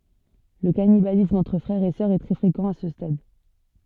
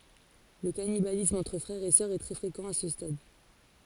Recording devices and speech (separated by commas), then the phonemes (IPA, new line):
soft in-ear microphone, forehead accelerometer, read sentence
lə kanibalism ɑ̃tʁ fʁɛʁz e sœʁz ɛ tʁɛ fʁekɑ̃ a sə stad